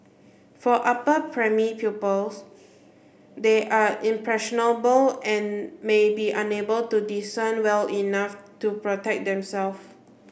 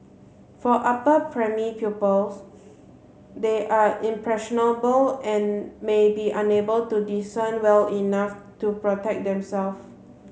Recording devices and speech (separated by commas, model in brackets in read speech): boundary microphone (BM630), mobile phone (Samsung C7), read sentence